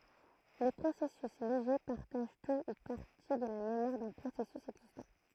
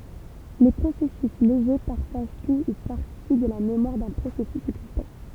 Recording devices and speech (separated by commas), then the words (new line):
throat microphone, temple vibration pickup, read sentence
Les processus légers partagent tout ou partie de la mémoire d’un processus existant.